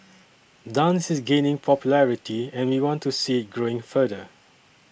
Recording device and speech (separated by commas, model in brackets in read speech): boundary microphone (BM630), read sentence